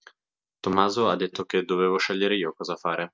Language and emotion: Italian, neutral